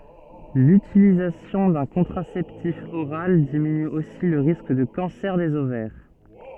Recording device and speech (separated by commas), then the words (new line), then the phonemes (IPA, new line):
soft in-ear microphone, read sentence
L'utilisation d'un contraceptif oral diminue aussi le risque de cancer des ovaires.
lytilizasjɔ̃ dœ̃ kɔ̃tʁasɛptif oʁal diminy osi lə ʁisk də kɑ̃sɛʁ dez ovɛʁ